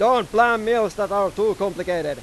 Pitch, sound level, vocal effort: 205 Hz, 103 dB SPL, very loud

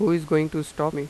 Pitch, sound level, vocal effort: 155 Hz, 88 dB SPL, normal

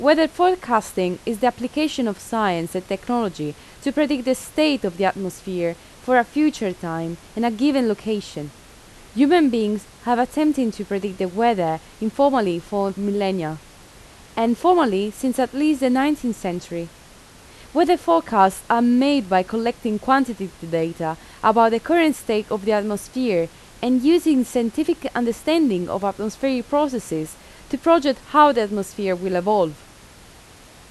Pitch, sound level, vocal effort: 230 Hz, 86 dB SPL, loud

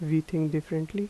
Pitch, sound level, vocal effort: 160 Hz, 81 dB SPL, soft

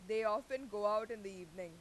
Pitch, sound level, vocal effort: 210 Hz, 97 dB SPL, very loud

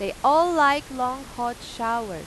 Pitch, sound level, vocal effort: 255 Hz, 95 dB SPL, loud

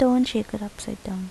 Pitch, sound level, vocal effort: 220 Hz, 76 dB SPL, soft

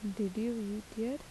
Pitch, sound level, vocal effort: 215 Hz, 79 dB SPL, soft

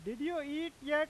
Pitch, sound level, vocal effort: 300 Hz, 98 dB SPL, very loud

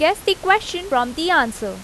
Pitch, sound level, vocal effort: 335 Hz, 89 dB SPL, loud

